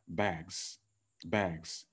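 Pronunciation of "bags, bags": The final s of 'bags' is pronounced as a z sound, not an s, and it is a little exaggerated.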